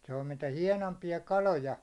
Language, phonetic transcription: Finnish, se on mitä "hiɛnompi₍a 'kaloja .
- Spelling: se on mitä hienoimpia kaloja

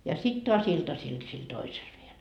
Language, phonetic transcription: Finnish, ja 'sit toas "iltasil sil 'toisel viel .
- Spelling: ja sitten taas iltasilla sillä toisella vielä

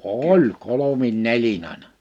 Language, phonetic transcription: Finnish, oĺ 'kolomin 'nelin ‿àina .
- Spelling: oli kolme neljä aina

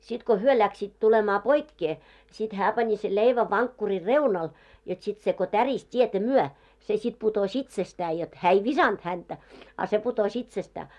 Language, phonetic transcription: Finnish, sit ko "hyö läksiit tulemaa 'poikke , sit "hää 'pani sel 'leivä vaŋkkuri "reunal , jot sit se ko "täris "t́ietä "myɔ̈ , se sit 'putos "itsestää jot , 'hää ei "visanᴅ häntä , a se puto'ś ‿itsestää .
- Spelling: sitten kun he lähtivät tulemaan poikkeen sitten hän pani sen leivän vankkurin reunalle jotta sitten se kun tärisi tietä myöten se sitten putosi itsestään jotta hän ei viskannut häntä a se putosi itsestään

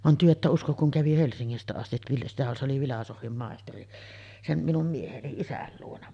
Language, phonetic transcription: Finnish, van työ että uskok kuŋ 'kävi "Helsiŋŋistä 'astiv (vilista-) se oli "vilasohvim 'màesteri , 'sen̳§ 'minum mieheni "isäl luona .
- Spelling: vaan te ette usko kun kävi Helsingistä asti - se oli filosofian maisteri sen minun mieheni isän luona

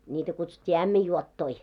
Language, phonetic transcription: Finnish, 'niitä kutsut́t́ii "ämmij'juottoi .
- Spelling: niitä kutsuttiin ämmänjuottoja

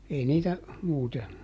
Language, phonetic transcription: Finnish, ˈei niitä , ˈmuute .
- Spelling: ei niitä muuten

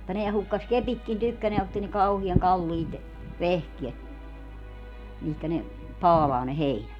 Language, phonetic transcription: Finnish, [mut]ta 'neä 'hukkas "kepitkin 'tykkäneä ja otti niŋ 'kauhiaŋ "kalliit , "vehkiet , 'mihkä ne , "paalaa ne "heinät .
- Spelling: mutta nämä hukkasi kepitkin tykkänään ja otti niin kauhean kalliit vehkeet mihin ne paalaa ne heinät

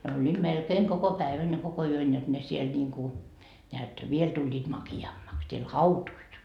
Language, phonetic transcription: Finnish, ne oĺĺiiD melkeeŋ 'koko 'päevän ja 'koko 'yön jot 'ne siel ńiiŋku , neät , "viel tuĺĺiit 'maki₍ammaks , siel "hautuit .
- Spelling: ne olivat melkein koko päivän ja koko yön jotta ne siellä niin kuin näet vielä tulivat makeammaksi siellä hautuivat

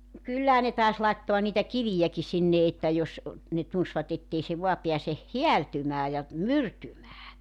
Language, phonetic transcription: Finnish, nᵒ 'kyllähä ne tàes 'laittoa niitä "kivijäki 'sinne että jos , ne 'tunsvat ‿ettei se 'voa 'peäse , "hiältymää ja , "myrtymää .
- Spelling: no kyllähän ne taisi laittaa niitä kiviäkin sinne että jos ne tunsivat että ei se vain pääse häältymään ja myrtymään

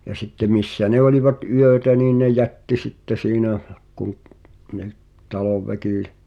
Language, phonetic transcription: Finnish, ja sitte 'missä ne olⁱvat "yötä nii ne "jätti 'sitte 'siinä , kuŋ’ , ni̬ʰ , 'talovväkì .
- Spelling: ja sitten missä ne olivat yötä niin ne jätti sitten siinä kun niin talonväki

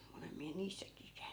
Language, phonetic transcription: Finnish, 'olem miä 'niissäkii käy̬ny .
- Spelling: olen minä niissäkin käynyt

